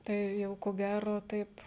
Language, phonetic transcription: Lithuanian, ˈtai ˈjau ko ˈgæro ˈtaip

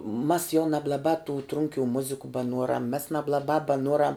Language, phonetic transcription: Lithuanian, mas jau nablaˈbā tu ˈtrunkių ˈmuziku baˈnuoram mes nablaˈbā baˈnuoram

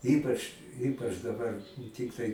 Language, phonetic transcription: Lithuanian, ˈypač ˈypač daˈbar ˈtiktai

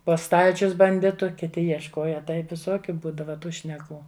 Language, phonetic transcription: Lithuanian, po ˈstalčius banˈditu kiˈti jiešˈkoja ˈtaip viˈsokiu ˈbūdava ˈtų šneˈkų

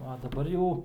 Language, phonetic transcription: Lithuanian, a daˈbar jau

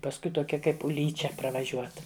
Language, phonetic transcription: Lithuanian, pasˈkui toˈkia ˈkaip uˈlyčia pravaˈžiuot

